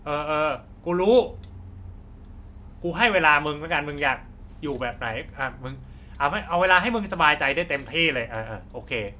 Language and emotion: Thai, frustrated